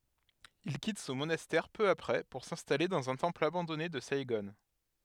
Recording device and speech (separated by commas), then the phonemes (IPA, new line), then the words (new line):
headset microphone, read sentence
il kit sɔ̃ monastɛʁ pø apʁɛ puʁ sɛ̃stale dɑ̃z œ̃ tɑ̃pl abɑ̃dɔne də saiɡɔ̃
Il quitte son monastère peu après pour s'installer dans un temple abandonné de Saïgon.